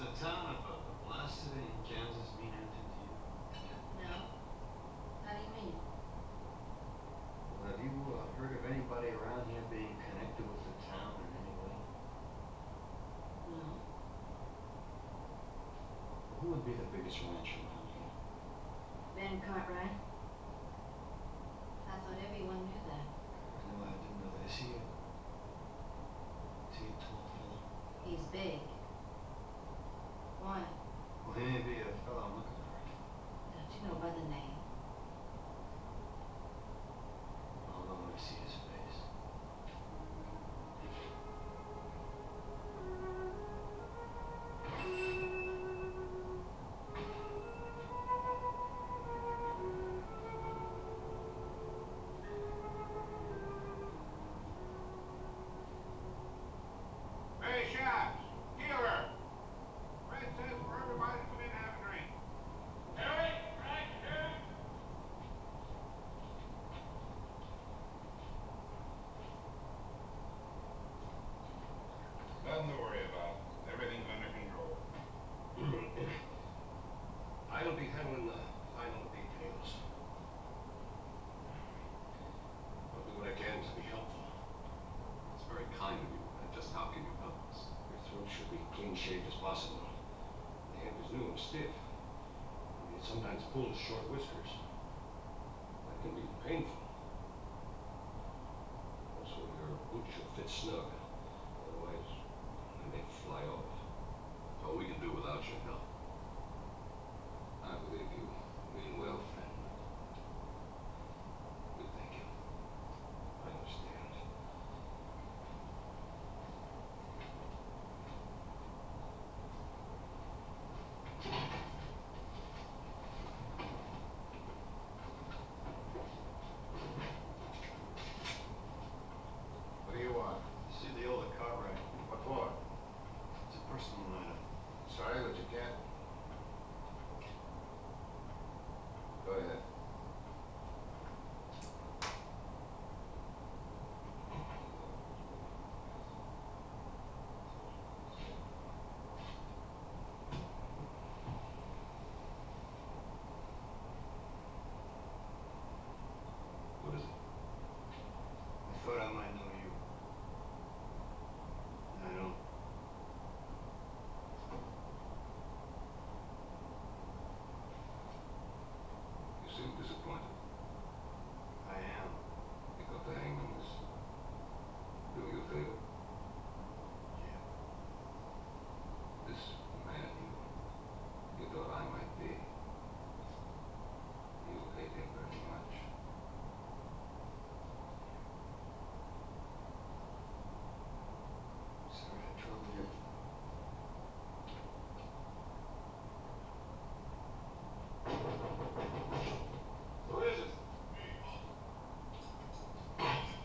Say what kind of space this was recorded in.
A small space.